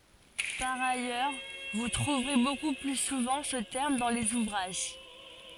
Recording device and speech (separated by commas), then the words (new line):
forehead accelerometer, read sentence
Par ailleurs vous trouverez beaucoup plus souvent ce terme dans les ouvrages.